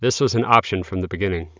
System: none